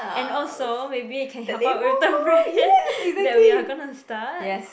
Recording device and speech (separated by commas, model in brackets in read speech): boundary microphone, conversation in the same room